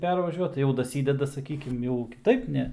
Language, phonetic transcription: Lithuanian, ˈpervažiuot ˈjau daˈsydeda saˈkykim jau kiˈtaip ˈne

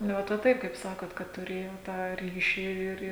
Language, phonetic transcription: Lithuanian, nu ˈvat va ˈtaip kaip ˈsakot kad tuˈrėjo tą ˈryši ir

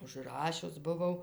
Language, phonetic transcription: Lithuanian, užˈrašius buˈvau

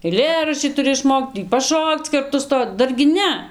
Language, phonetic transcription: Lithuanian, eiˈlėraščį tuˈri išˈmokt tį paˈšokc ˈkartu ˈsto ˈdargi ˈne

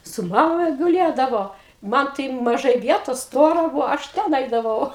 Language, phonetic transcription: Lithuanian, su ˈmama guˈlėdavo ˈman tai maˈžai ˈvietos ˈstora ˈbūvo aš ˈten ˈaidavau

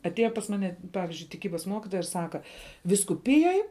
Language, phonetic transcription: Lithuanian, atˈėja pas ˈmane ˈpavizdžiui tiˈkybas ˈmokitoja ir ˈsaka vyskuˈpijoj

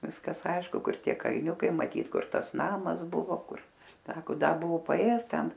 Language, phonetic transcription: Lithuanian, ˈviskas ˈaišku ˈkur ˈtie kalˈniukai maˈtyt ˈkur ˈtas ˈnamas ˈbuvo ˈkur ˈsako ˈda ˈbuvu paˈėjes ˈten

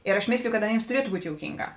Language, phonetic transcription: Lithuanian, ir aš ˈmėsliju kad aˈnėms tuˈrietu ˈbūt' jouˈkynˌgā

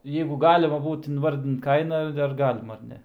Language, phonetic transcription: Lithuanian, ˈjeigu ˈgalima ˈbūt inˈvardint ˈkaina ar ˈgalima ar ˈne

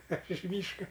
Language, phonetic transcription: Lithuanian, aš iš ˈmyška

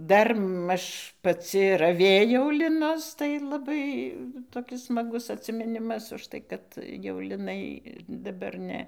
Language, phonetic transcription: Lithuanian, ˈdar ˈmaž paˈci raˈvėjau liˈnus tai laˈbai toˈkis smaˈgus atsimiˈnimas užˈtai kad jau liˈnai daˈbar ˈne

